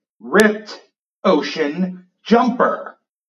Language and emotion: English, angry